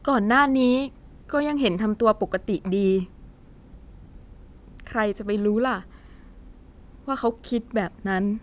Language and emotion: Thai, sad